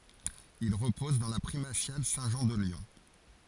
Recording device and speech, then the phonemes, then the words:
forehead accelerometer, read sentence
il ʁəpɔz dɑ̃ la pʁimasjal sɛ̃tʒɑ̃ də ljɔ̃
Il repose dans la Primatiale Saint-Jean de Lyon.

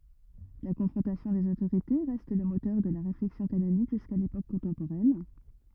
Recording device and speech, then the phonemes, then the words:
rigid in-ear microphone, read sentence
la kɔ̃fʁɔ̃tasjɔ̃ dez otoʁite ʁɛst lə motœʁ də la ʁeflɛksjɔ̃ kanonik ʒyska lepok kɔ̃tɑ̃poʁɛn
La confrontation des autorités reste le moteur de la réflexion canonique jusqu'à l'époque contemporaine.

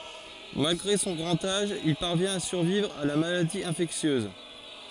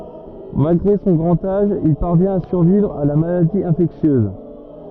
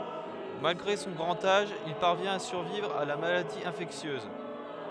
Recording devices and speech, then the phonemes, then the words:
forehead accelerometer, rigid in-ear microphone, headset microphone, read sentence
malɡʁe sɔ̃ ɡʁɑ̃t aʒ il paʁvjɛ̃t a syʁvivʁ a la maladi ɛ̃fɛksjøz
Malgré son grand âge, il parvient à survivre à la maladie infectieuse.

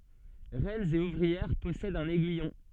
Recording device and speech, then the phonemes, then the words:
soft in-ear microphone, read sentence
ʁɛnz e uvʁiɛʁ pɔsɛdt œ̃n ɛɡyijɔ̃
Reines et ouvrières possèdent un aiguillon.

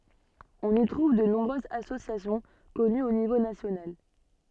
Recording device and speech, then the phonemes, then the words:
soft in-ear microphone, read sentence
ɔ̃n i tʁuv də nɔ̃bʁøzz asosjasjɔ̃ kɔnyz o nivo nasjonal
On y trouve de nombreuses associations connues au niveau national.

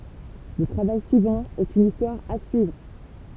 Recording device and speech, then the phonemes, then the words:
temple vibration pickup, read sentence
lə tʁavaj syivɑ̃ ɛt yn istwaʁ a syivʁ
Le travail suivant est une histoire à suivre.

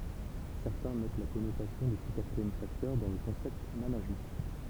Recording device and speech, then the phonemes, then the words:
temple vibration pickup, read sentence
sɛʁtɛ̃ mɛt la kɔnotasjɔ̃ də sə katʁiɛm faktœʁ dɑ̃ lə kɔ̃sɛpt manaʒmɑ̃
Certains mettent la connotation de ce quatrième facteur dans le concept Management.

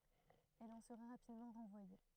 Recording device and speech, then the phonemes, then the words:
throat microphone, read sentence
ɛl ɑ̃ səʁa ʁapidmɑ̃ ʁɑ̃vwaje
Elle en sera rapidement renvoyée.

